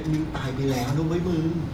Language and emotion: Thai, neutral